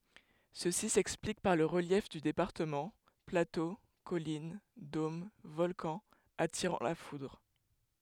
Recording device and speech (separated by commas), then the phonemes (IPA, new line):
headset microphone, read sentence
səsi sɛksplik paʁ lə ʁəljɛf dy depaʁtəmɑ̃ plato kɔlin dom vɔlkɑ̃z atiʁɑ̃ la fudʁ